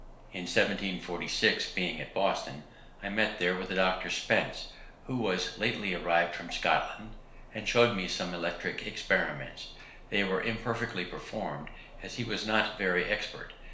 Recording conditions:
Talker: one person; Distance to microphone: 1.0 m; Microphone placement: close; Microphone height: 1.1 m; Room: small (3.7 m by 2.7 m); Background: none

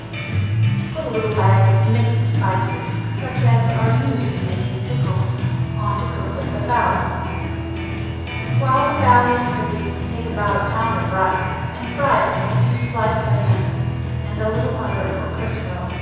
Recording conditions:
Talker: one person; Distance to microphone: 7.1 m; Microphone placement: far; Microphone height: 1.7 m; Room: very reverberant, large; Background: music

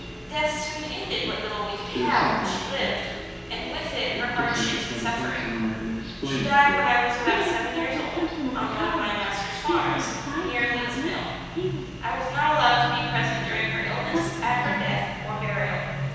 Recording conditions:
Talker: one person; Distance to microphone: 7.1 m; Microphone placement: far; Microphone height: 1.7 m; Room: very reverberant, large; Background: television

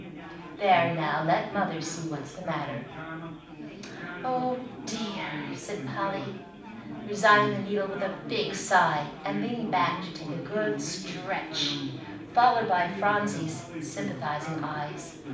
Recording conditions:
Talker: one person; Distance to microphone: 5.8 m; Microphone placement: far; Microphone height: 1.8 m; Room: medium-sized (5.7 m by 4.0 m); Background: babble

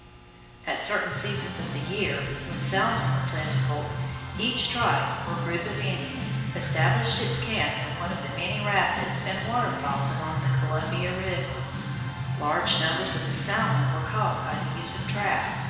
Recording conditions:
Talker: one person; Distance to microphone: 1.7 m; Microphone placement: close; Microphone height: 1.0 m; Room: very reverberant, large; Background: music

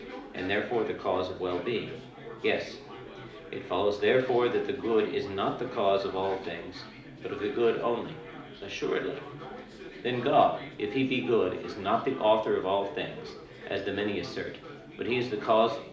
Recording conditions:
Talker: one person; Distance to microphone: 2.0 m; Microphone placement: close; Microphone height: 99 cm; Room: medium-sized (5.7 m by 4.0 m); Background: babble

